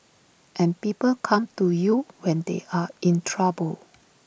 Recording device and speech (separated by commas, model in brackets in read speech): boundary microphone (BM630), read sentence